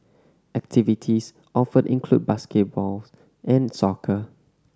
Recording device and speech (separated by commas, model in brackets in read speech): standing microphone (AKG C214), read sentence